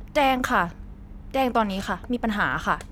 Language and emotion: Thai, frustrated